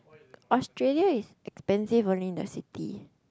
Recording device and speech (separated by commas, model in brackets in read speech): close-talking microphone, conversation in the same room